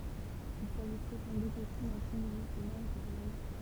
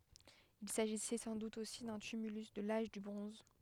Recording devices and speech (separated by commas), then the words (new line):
temple vibration pickup, headset microphone, read sentence
Il s'agissait sans doute aussi d'un tumulus de l'Age du bronze.